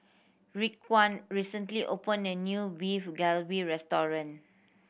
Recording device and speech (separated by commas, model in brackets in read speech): boundary microphone (BM630), read sentence